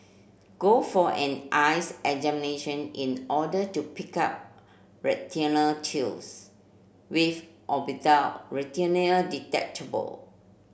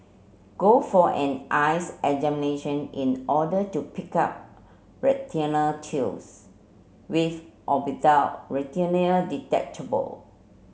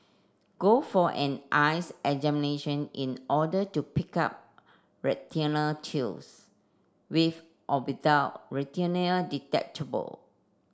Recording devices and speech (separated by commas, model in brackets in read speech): boundary microphone (BM630), mobile phone (Samsung C7), standing microphone (AKG C214), read sentence